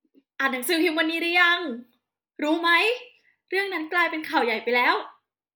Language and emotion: Thai, happy